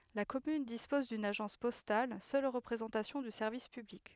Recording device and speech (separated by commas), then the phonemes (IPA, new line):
headset microphone, read sentence
la kɔmyn dispɔz dyn aʒɑ̃s pɔstal sœl ʁəpʁezɑ̃tasjɔ̃ dy sɛʁvis pyblik